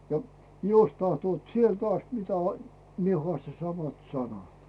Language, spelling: Finnish, ja jos tahtovat sieltä asti mitä minä haastan samat sanat
- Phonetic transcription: ja 'jos tahtoot "sielt ast 'mitä , 'mie hᵒasta "samat 'sanat .

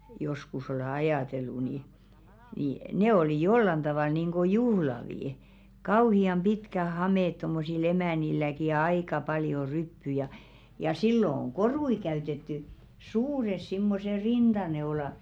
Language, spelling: Finnish, joskus olen ajatellut niin niin ne oli jollakin tavalla niin kuin juhlavia kauhean pitkät hameet tuommoisilla emännilläkin ja aika paljon ryppyjä ja ja silloin on koruja käytetty suuret semmoiset rintaneulat
- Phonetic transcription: joskus ole 'ajàtellu ni , ni "ne 'olì 'jollan ᴅavàl nìŋɢo "juhlavì , 'kauhi₍am 'ʙitkä "hamèt tommosil 'emä̀nilläki ja "aika paljo 'ryppy ja , ja 'sillo ‿oŋ "korui 'käytetty , "suures simmose 'rinᴅaneola ,.

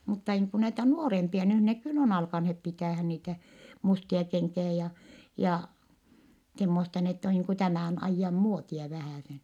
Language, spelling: Finnish, mutta niin kuin näitä nuorempia nyt ne kyllä on alkaneet pitämään niitä mustia kenkiä ja ja semmoista niin että on niin kuin tämän ajan muotia vähäsen
- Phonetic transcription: mutta niiŋ ku näitä nuorempia nyh ne kyll ‿on alkanhep pitä̀hän niitä , mustia keŋkiä ja , ja , semmosta n ‿ett ‿o niiŋ ku tämä̀n ‿aijjam muotia vähä̀sen .

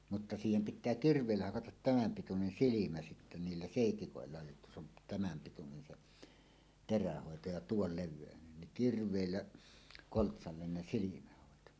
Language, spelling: Finnish, mutta siihen pitää kirveillä hakata tämän pituinen silmä sitten niillä seitsikoilla jotta se on tämän pituinen se terähoito ja tuon levyinen niin kirveillä koltsalle ne silmähoito
- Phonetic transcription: mutta 'siihem pit̆tää "kirv̀èillä 'hakatat 'tämäm pitunen "silimä sittä 'niillä "sèitikòella jotta se ‿on , 'tämäm pitunen 'se’ , "terähòeto ja "tuol 'lev̆vèönen niŋ 'kirv̀èillä , 'koltsallen ne silimähòeto .

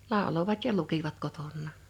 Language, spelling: Finnish, lauloivat ja lukivat kotonaan
- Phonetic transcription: 'làolovat ja 'lukivat 'koton̆nà(n) .

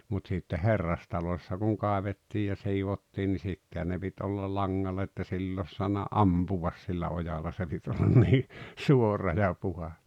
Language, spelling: Finnish, mutta sitten herrastalossa kun kaivettiin ja siivottiin niin sittenhän ne piti olla langalla että sillä olisi saanut ampua sillä ojalla se piti olla niin suora ja puhdas
- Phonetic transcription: mut sitte "herrastaloⁱssa kuŋ 'kàevettiij ja 'siivottiin ni 'sittehän ne pit olla "laŋŋallᵃ ‿että 'sill ‿òs soanna "’ampuvas sillä 'ojala se pit ollan nii , "suora ja 'puhas .

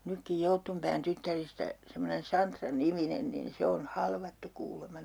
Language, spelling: Finnish, nytkin Jouttunpään tyttäristä semmoinen Santra-niminen niin se on halvattu kuulemma
- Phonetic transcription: nykkij 'Jouttumpään 'tyttäristä , semmonen 'Santra-"niminen nin 'se on "halvattu kuulema .

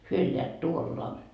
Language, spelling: Finnish, he elävät tuolla
- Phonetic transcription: hyö elleät 'tuolla ,.

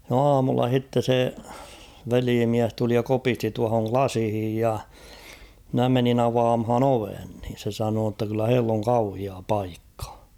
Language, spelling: Finnish, no aamulla sitten se velimies tuli ja kopisti tuohon lasiin ja minä menin avaamaan oven niin se sanoi jotta kyllä heillä on kauhea paikka
- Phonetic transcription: no "aamulla 'h̭itte se , 'veliimiäs tuli ja 'kopisti tuahoŋ "klasⁱhij ja , mnä 'menin ‿'avaamhan ‿"oven niin̬ se sanoo ‿tta kyllä 'heill ‿oŋ 'kauhia "paikkᴀ .

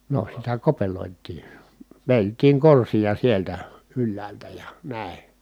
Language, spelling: Finnish, no sitä kopeloitiin vedeltiin korsia sieltä ylhäältä ja näin
- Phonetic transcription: no sitä kopelòit̆tii , vèi̮lt̀iiŋ korsija sieltä , ylläältä ja , nä̀i̮ .

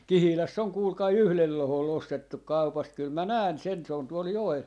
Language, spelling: Finnish, Kihilässä on kuulkaa yhdellä lohkolla ostettu kaupasta kyllä minä näen sen se on tuolla joella
- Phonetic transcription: "Kihiläss ‿on kuulkai "yhlel 'lohol'l ‿ostettuk "kaupast kyl mä "nään 'sen , se on 'tuol 'joel .

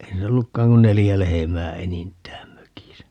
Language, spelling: Finnish, ei niillä ollutkaan kuin neljä lehmää enintään mökissä
- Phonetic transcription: ei niillä 'ollukkaaŋ kun 'nelijä "lehemää 'enint̀ään 'mökisä .

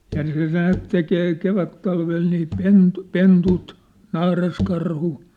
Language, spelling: Finnish, ja se näet tekee kevättalvella niin - pennut naaraskarhu
- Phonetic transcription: ja(n) se 'näät tekee 'kevättalvel nii 'pentᴜ- , 'pentut , 'naaraskarhu .

